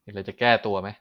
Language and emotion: Thai, frustrated